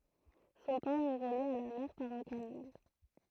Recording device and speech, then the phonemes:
throat microphone, read sentence
sɔ̃ pɔʁ ɛ ʁəlje a la mɛʁ paʁ œ̃ kanal

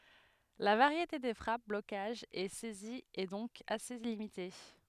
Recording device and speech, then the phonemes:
headset microphone, read sentence
la vaʁjete de fʁap blokaʒz e sɛziz ɛ dɔ̃k ase limite

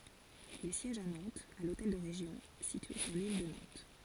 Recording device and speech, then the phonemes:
forehead accelerometer, read sentence
il sjɛʒ a nɑ̃tz a lotɛl də ʁeʒjɔ̃ sitye syʁ lil də nɑ̃t

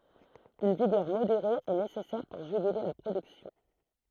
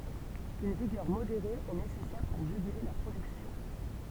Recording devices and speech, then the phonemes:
throat microphone, temple vibration pickup, read sentence
yn viɡœʁ modeʁe ɛ nesɛsɛʁ puʁ ʒyɡyle la pʁodyksjɔ̃

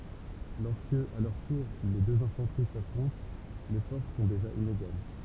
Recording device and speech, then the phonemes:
temple vibration pickup, read sentence
lɔʁskə a lœʁ tuʁ le døz ɛ̃fɑ̃təʁi safʁɔ̃t le fɔʁs sɔ̃ deʒa ineɡal

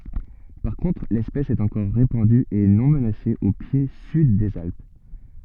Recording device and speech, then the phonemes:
soft in-ear microphone, read sentence
paʁ kɔ̃tʁ lɛspɛs ɛt ɑ̃kɔʁ ʁepɑ̃dy e nɔ̃ mənase o pje syd dez alp

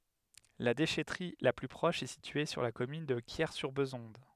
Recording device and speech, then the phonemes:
headset microphone, read sentence
la deʃɛtʁi la ply pʁɔʃ ɛ sitye syʁ la kɔmyn də kjɛʁsyʁbezɔ̃d

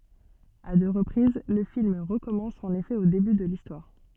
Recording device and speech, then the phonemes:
soft in-ear microphone, read sentence
a dø ʁəpʁiz lə film ʁəkɔmɑ̃s ɑ̃n efɛ o deby də listwaʁ

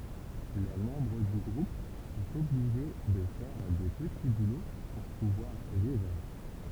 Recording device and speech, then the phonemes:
temple vibration pickup, read sentence
le mɑ̃bʁ dy ɡʁup sɔ̃t ɔbliʒe də fɛʁ de pəti bulo puʁ puvwaʁ vivʁ

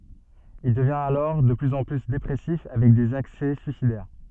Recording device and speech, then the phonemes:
soft in-ear microphone, read sentence
il dəvjɛ̃t alɔʁ də plyz ɑ̃ ply depʁɛsif avɛk dez aksɛ syisidɛʁ

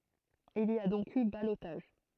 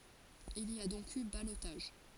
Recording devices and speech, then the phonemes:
throat microphone, forehead accelerometer, read sentence
il i a dɔ̃k y balotaʒ

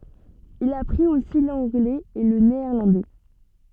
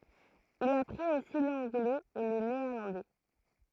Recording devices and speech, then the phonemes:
soft in-ear microphone, throat microphone, read sentence
il apʁit osi lɑ̃ɡlɛz e lə neɛʁlɑ̃dɛ

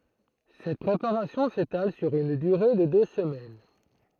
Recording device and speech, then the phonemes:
throat microphone, read sentence
sɛt pʁepaʁasjɔ̃ setal syʁ yn dyʁe də dø səmɛn

